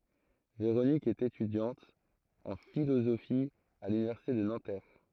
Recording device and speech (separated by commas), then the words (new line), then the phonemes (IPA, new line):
throat microphone, read sentence
Véronique est étudiante en philosophie à l'université de Nanterre.
veʁonik ɛt etydjɑ̃t ɑ̃ filozofi a lynivɛʁsite də nɑ̃tɛʁ